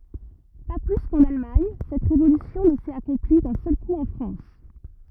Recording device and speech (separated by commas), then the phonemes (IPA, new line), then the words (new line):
rigid in-ear microphone, read sentence
pa ply kɑ̃n almaɲ sɛt ʁevolysjɔ̃ nə sɛt akɔ̃pli dœ̃ sœl ku ɑ̃ fʁɑ̃s
Pas plus qu'en Allemagne, cette révolution ne s'est accomplie d'un seul coup en France.